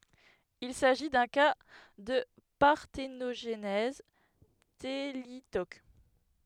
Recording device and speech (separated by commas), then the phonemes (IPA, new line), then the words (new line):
headset microphone, read sentence
il saʒi dœ̃ ka də paʁtenoʒnɛz telitok
Il s'agit d'un cas de parthénogenèse thélytoque.